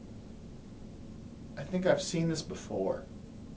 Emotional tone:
fearful